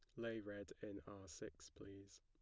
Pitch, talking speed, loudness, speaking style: 100 Hz, 180 wpm, -53 LUFS, plain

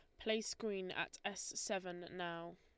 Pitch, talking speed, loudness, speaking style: 185 Hz, 150 wpm, -43 LUFS, Lombard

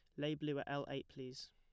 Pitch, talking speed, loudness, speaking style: 140 Hz, 270 wpm, -44 LUFS, plain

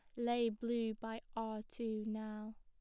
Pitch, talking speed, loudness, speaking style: 225 Hz, 150 wpm, -41 LUFS, plain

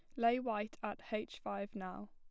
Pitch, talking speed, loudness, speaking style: 210 Hz, 190 wpm, -40 LUFS, plain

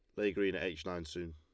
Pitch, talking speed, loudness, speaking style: 90 Hz, 320 wpm, -38 LUFS, Lombard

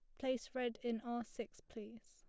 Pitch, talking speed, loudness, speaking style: 240 Hz, 195 wpm, -44 LUFS, plain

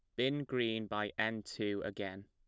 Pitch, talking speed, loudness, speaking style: 105 Hz, 175 wpm, -37 LUFS, plain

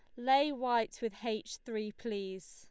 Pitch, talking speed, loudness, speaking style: 225 Hz, 155 wpm, -35 LUFS, Lombard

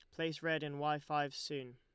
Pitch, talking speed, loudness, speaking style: 150 Hz, 230 wpm, -39 LUFS, Lombard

